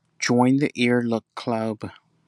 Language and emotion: English, sad